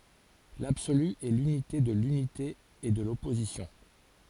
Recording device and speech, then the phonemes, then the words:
forehead accelerometer, read sentence
labsoly ɛ lynite də lynite e də lɔpozisjɔ̃
L'absolu est l'unité de l'unité et de l'opposition.

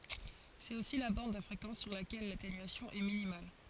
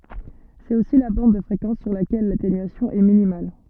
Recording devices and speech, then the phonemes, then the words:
forehead accelerometer, soft in-ear microphone, read sentence
sɛt osi la bɑ̃d də fʁekɑ̃s syʁ lakɛl latenyasjɔ̃ ɛ minimal
C'est aussi la bande de fréquence sur laquelle l'atténuation est minimale.

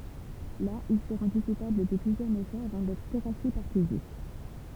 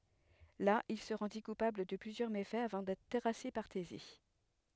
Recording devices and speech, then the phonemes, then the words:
temple vibration pickup, headset microphone, read sentence
la il sə ʁɑ̃di kupabl də plyzjœʁ mefɛz avɑ̃ dɛtʁ tɛʁase paʁ teze
Là, il se rendit coupable de plusieurs méfaits, avant d'être terrassé par Thésée.

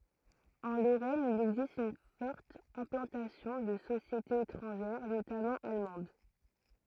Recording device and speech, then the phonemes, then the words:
throat microphone, read sentence
ɑ̃ loʁɛn il ɛɡzist yn fɔʁt ɛ̃plɑ̃tasjɔ̃ də sosjetez etʁɑ̃ʒɛʁ notamɑ̃ almɑ̃d
En Lorraine il existe une forte implantation de sociétés étrangères, notamment allemandes.

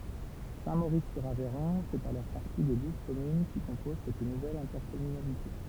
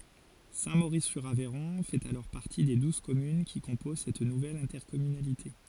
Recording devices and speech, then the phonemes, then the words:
temple vibration pickup, forehead accelerometer, read sentence
sɛ̃tmoʁiszyʁavɛʁɔ̃ fɛt alɔʁ paʁti de duz kɔmyn ki kɔ̃poz sɛt nuvɛl ɛ̃tɛʁkɔmynalite
Saint-Maurice-sur-Aveyron fait alors partie des douze communes qui composent cette nouvelle intercommunalité.

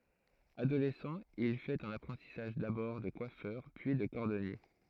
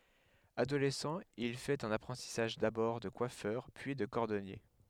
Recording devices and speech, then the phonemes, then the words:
throat microphone, headset microphone, read sentence
adolɛsɑ̃ il fɛt œ̃n apʁɑ̃tisaʒ dabɔʁ də kwafœʁ pyi də kɔʁdɔnje
Adolescent, il fait un apprentissage d'abord de coiffeur, puis de cordonnier.

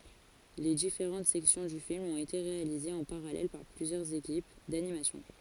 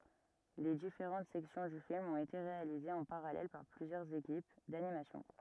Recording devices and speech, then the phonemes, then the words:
forehead accelerometer, rigid in-ear microphone, read sentence
le difeʁɑ̃t sɛksjɔ̃ dy film ɔ̃t ete ʁealizez ɑ̃ paʁalɛl paʁ plyzjœʁz ekip danimasjɔ̃
Les différentes sections du film ont été réalisées en parallèle par plusieurs équipes d'animation.

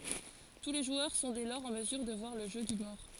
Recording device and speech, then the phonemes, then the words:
forehead accelerometer, read sentence
tu le ʒwœʁ sɔ̃ dɛ lɔʁz ɑ̃ məzyʁ də vwaʁ lə ʒø dy mɔʁ
Tous les joueurs sont dès lors en mesure de voir le jeu du mort.

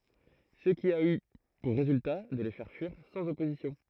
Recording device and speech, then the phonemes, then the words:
throat microphone, read sentence
sə ki a y puʁ ʁezylta də le fɛʁ fyiʁ sɑ̃z ɔpozisjɔ̃
Ce qui a eu pour résultat de les faire fuir sans opposition.

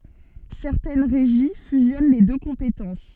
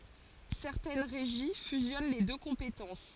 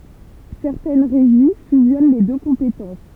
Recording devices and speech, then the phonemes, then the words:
soft in-ear microphone, forehead accelerometer, temple vibration pickup, read sentence
sɛʁtɛn ʁeʒi fyzjɔn le dø kɔ̃petɑ̃s
Certaines régies fusionnent les deux compétences.

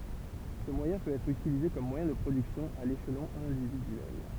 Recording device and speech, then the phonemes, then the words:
temple vibration pickup, read sentence
sə mwajɛ̃ pøt ɛtʁ ytilize kɔm mwajɛ̃ də pʁodyksjɔ̃ a leʃlɔ̃ ɛ̃dividyɛl
Ce moyen peut être utilisé comme moyen de production à l'échelon individuel.

